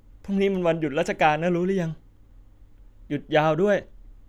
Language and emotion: Thai, sad